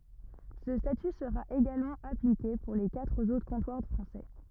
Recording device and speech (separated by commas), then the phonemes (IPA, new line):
rigid in-ear microphone, read sentence
sə staty səʁa eɡalmɑ̃ aplike puʁ le katʁ otʁ kɔ̃twaʁ fʁɑ̃sɛ